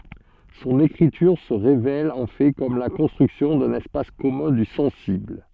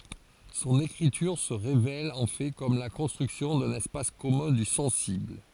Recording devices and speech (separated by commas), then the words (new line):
soft in-ear microphone, forehead accelerometer, read sentence
Son écriture se révèle en fait comme la construction d'un espace commun du sensible.